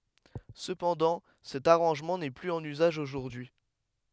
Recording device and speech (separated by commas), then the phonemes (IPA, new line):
headset microphone, read sentence
səpɑ̃dɑ̃ sɛt aʁɑ̃ʒmɑ̃ nɛ plyz ɑ̃n yzaʒ oʒuʁdyi